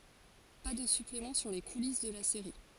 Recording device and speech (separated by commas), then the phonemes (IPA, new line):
forehead accelerometer, read sentence
pa də syplemɑ̃ syʁ le kulis də la seʁi